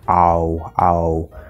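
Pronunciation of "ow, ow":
This is an incorrect way of saying the O sound.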